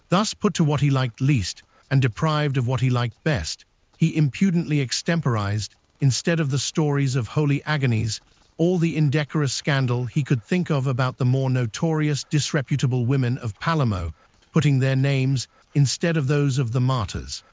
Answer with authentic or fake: fake